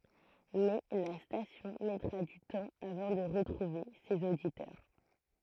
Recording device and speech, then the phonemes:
throat microphone, read sentence
mɛ la stasjɔ̃ mɛtʁa dy tɑ̃ avɑ̃ də ʁətʁuve sez oditœʁ

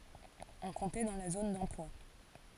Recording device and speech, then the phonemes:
forehead accelerometer, read sentence
ɔ̃ kɔ̃tɛ dɑ̃ la zon dɑ̃plwa

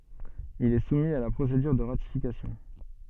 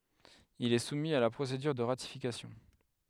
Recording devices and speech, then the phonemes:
soft in-ear microphone, headset microphone, read sentence
il ɛ sumi a la pʁosedyʁ də ʁatifikasjɔ̃

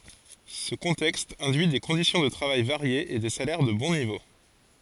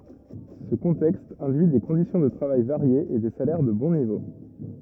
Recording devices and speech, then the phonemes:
forehead accelerometer, rigid in-ear microphone, read sentence
sə kɔ̃tɛkst ɛ̃dyi de kɔ̃disjɔ̃ də tʁavaj vaʁjez e de salɛʁ də bɔ̃ nivo

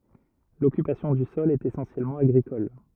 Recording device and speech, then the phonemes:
rigid in-ear microphone, read sentence
lɔkypasjɔ̃ dy sɔl ɛt esɑ̃sjɛlmɑ̃ aɡʁikɔl

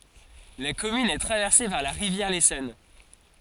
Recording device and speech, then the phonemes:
forehead accelerometer, read sentence
la kɔmyn ɛ tʁavɛʁse paʁ la ʁivjɛʁ lesɔn

